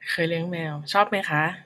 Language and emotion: Thai, happy